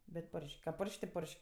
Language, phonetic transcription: Lithuanian, bet ˈporš'k' ka ˈporš'k' ti ˈporš'k'

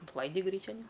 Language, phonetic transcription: Lithuanian, intˈlaidi ˈgryčian i

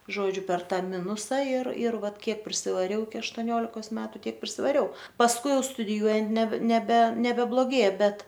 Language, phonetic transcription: Lithuanian, ˈžodžiu per ˈtą ˈminusa ir ir ˈvat ˈkiek prisivaˈriau iki aštoˈniolikos ˈmetu ˈtiek prisivaˈriau pasˈkui ˈjau studiˈjuojant ne neˈbe nebebloˈgėja ˈbet

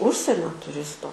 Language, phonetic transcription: Lithuanian, ˈužsienio tuˈristo

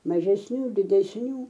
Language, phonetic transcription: Lithuanian, mažesˈnių didesˈnių

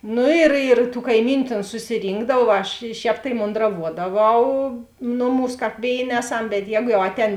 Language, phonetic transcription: Lithuanian, ˈnu ir ir tų kaiˈmyniu ˈtėn susiˈrynkdav ˈaš ˈšēp tai mondraˈvuodaˌvau ˈnuˌmūs ˈkāp ˈvėiˌnė ˈeˌsam bet ˈjēgu jau ˈatˌēn

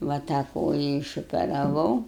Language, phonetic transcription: Lithuanian, va tą ˈkoja išoperaˈvau

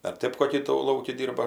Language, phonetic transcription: Lithuanian, ar ˈtɜp koˈkį tų ˈlauki ˈdyrba

